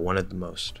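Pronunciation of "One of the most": In 'the most', the vowel of 'the' is dropped, and the th goes straight into the m of 'most' with nothing between them.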